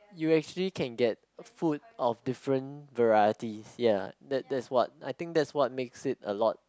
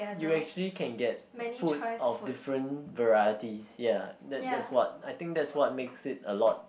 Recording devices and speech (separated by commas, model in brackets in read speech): close-talking microphone, boundary microphone, conversation in the same room